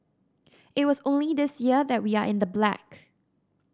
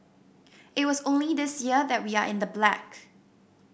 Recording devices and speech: standing microphone (AKG C214), boundary microphone (BM630), read sentence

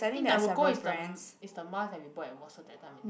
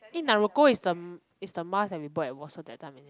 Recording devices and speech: boundary microphone, close-talking microphone, conversation in the same room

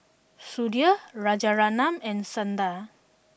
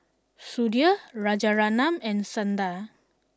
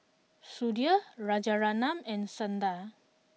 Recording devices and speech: boundary microphone (BM630), standing microphone (AKG C214), mobile phone (iPhone 6), read sentence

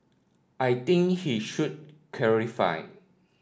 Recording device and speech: standing microphone (AKG C214), read sentence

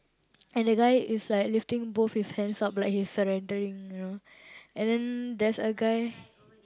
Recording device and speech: close-talking microphone, conversation in the same room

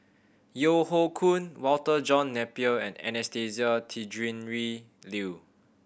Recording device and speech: boundary microphone (BM630), read sentence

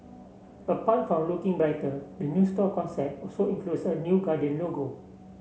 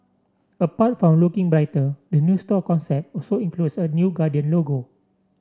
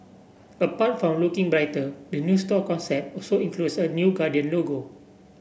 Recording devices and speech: mobile phone (Samsung C7), standing microphone (AKG C214), boundary microphone (BM630), read sentence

